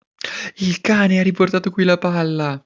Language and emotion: Italian, happy